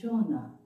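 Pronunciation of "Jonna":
'Genre' is pronounced incorrectly here.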